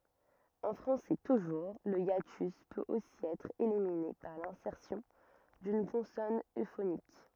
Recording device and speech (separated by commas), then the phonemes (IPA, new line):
rigid in-ear microphone, read sentence
ɑ̃ fʁɑ̃sɛ tuʒuʁ lə jatys pøt osi ɛtʁ elimine paʁ lɛ̃sɛʁsjɔ̃ dyn kɔ̃sɔn øfonik